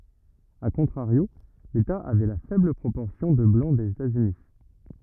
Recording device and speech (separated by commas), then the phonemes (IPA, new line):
rigid in-ear microphone, read sentence
a kɔ̃tʁaʁjo leta avɛ la fɛbl pʁopɔʁsjɔ̃ də blɑ̃ dez etaz yni